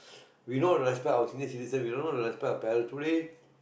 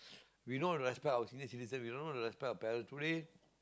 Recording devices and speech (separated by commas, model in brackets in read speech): boundary microphone, close-talking microphone, conversation in the same room